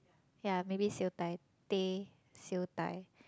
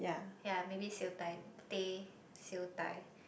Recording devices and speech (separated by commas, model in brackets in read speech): close-talking microphone, boundary microphone, conversation in the same room